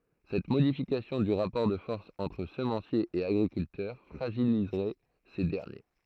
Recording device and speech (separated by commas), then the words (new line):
throat microphone, read sentence
Cette modification du rapport de force entre semenciers et agriculteurs fragiliserait ces derniers.